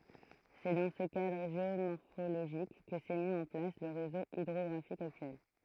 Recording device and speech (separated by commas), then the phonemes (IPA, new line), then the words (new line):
throat microphone, read sentence
sɛ dɑ̃ sə kadʁ ʒeomɔʁfoloʒik kə sɛ mi ɑ̃ plas lə ʁezo idʁɔɡʁafik aktyɛl
C'est dans ce cadre géomorphologique que s'est mis en place le réseau hydrographique actuel.